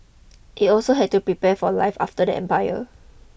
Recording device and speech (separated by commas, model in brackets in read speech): boundary microphone (BM630), read sentence